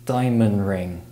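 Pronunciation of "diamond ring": In 'diamond ring', the d at the end of 'diamond' is dropped.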